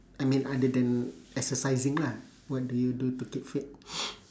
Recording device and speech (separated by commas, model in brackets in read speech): standing microphone, conversation in separate rooms